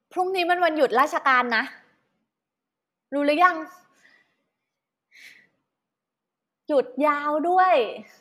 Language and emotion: Thai, happy